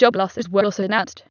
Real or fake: fake